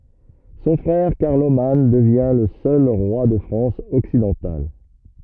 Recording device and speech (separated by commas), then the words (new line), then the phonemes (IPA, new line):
rigid in-ear microphone, read sentence
Son frère Carloman devient le seul roi de France occidentale.
sɔ̃ fʁɛʁ kaʁloman dəvjɛ̃ lə sœl ʁwa də fʁɑ̃s ɔksidɑ̃tal